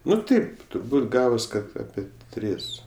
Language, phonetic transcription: Lithuanian, ˈnu ˈtaip turˈbūt ˈgavos ˈkad ˈape ˈtris

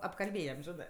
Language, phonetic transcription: Lithuanian, apkalˈbėjam ˈžinɜ

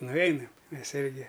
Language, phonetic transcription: Lithuanian, nuˈveinam ˈmes ˈirgi

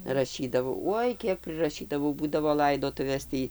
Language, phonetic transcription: Lithuanian, raˈšydavau ˈuoj ˈkiek priraˈšydavau ˈbūdavo ˈlaidotuvės ˈtį

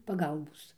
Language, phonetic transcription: Lithuanian, paˈgalbos

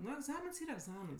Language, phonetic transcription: Lithuanian, ˈnu egˈzamins ˈyra egˈzamins

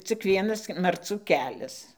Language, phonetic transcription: Lithuanian, cik ˈvienas marˈcų ˈkelias

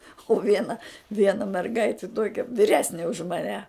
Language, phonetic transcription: Lithuanian, u ˈviena ˈviena merˈgaiti ˈtuokia viˈresni už maˈne

